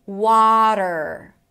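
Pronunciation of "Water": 'Water' is said with an American pronunciation. The first syllable is longer than the second, and the T is a flap T that shifts into an R.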